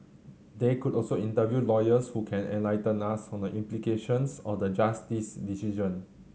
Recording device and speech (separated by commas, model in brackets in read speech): mobile phone (Samsung C7100), read sentence